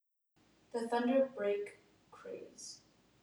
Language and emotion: English, neutral